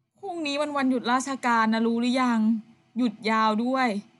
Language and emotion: Thai, frustrated